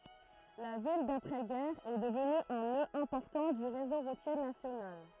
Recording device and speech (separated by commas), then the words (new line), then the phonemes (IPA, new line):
throat microphone, read sentence
La ville d'après-guerre est devenue un nœud important du réseau routier national.
la vil dapʁɛ ɡɛʁ ɛ dəvny œ̃ nø ɛ̃pɔʁtɑ̃ dy ʁezo ʁutje nasjonal